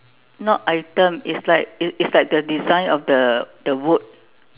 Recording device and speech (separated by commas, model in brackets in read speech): telephone, conversation in separate rooms